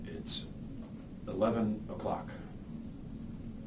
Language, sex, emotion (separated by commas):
English, male, neutral